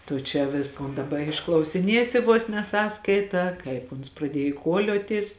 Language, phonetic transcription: Lithuanian, tu čia ˈviskon daˈba išklausiˈniesi vos ne ˈsąskaitą ˈkaip uns praˈdiej kuoˈliotis

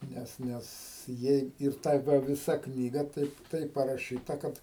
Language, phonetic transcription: Lithuanian, ˈnes ˈnes ˈjei ir ˈta ˈva viˈsa ˈknyga ˈtaip ˈtaip paraˈšyta ˈkad

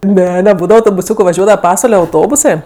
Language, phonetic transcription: Lithuanian, ˈne neˈbūdava autobuˈsiūku vaˈžiuodava ˈpasvale auˈtobusɜ

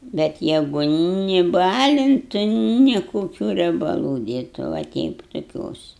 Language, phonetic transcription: Lithuanian, bet ˈjegu ni ˈbalintu ni koˈkių riebaˈlų ˈdėtu va ˈteip tuˈkios

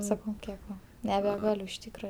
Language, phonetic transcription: Lithuanian, saˈkau ˈkiek ˈva nebeˈgaliu iš ˈtykra

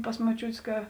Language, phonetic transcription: Lithuanian, pas moˈčiūtės ˈka

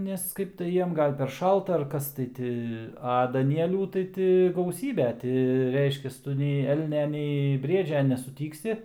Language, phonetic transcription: Lithuanian, ˈnes ˈkaip tai ˈjiem ˈgal per ˈšalta ar ˈkas tai ˈti a daˈnielių tai ˈti gauˈsybe ˈti ˈreiškias ˈtu nei ˈelnia nei ˈbriedžia nesuˈtyksi

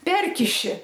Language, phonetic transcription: Lithuanian, ˈperkiši

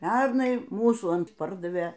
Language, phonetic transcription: Lithuanian, ˈpernai ˈmūsų ˈant ˈpardavė

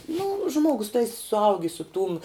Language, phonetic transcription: Lithuanian, nu ˈžmuogus tai suˈaugi su tūm

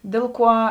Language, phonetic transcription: Lithuanian, ˈdėl ˌkuo

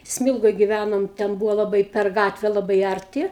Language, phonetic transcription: Lithuanian, ˈsmilgoj giˈvænom ten ˈbūvo laˈbai per ˈgatve laˈbai ˌarˈti

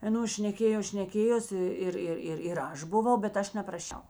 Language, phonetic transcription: Lithuanian, aˈnos šneˈkėjos šneˈkėjosi ˈir ˈir ir ir ˈaš buˈvau bet ˈaš nepraˈšiau

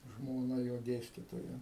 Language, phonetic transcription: Lithuanian, žmoˈna jo ˈdėstytoja

